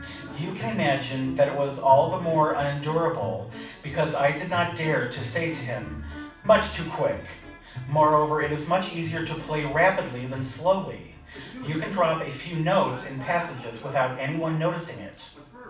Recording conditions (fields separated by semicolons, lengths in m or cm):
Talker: one person; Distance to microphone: 5.8 m; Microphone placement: far; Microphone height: 1.8 m; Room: medium-sized (5.7 m by 4.0 m); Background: television